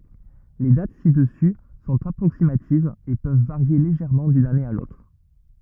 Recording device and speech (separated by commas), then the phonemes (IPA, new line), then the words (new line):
rigid in-ear microphone, read sentence
le dat sidəsy sɔ̃t apʁoksimativz e pøv vaʁje leʒɛʁmɑ̃ dyn ane a lotʁ
Les dates ci-dessus sont approximatives et peuvent varier légèrement d'une année à l'autre.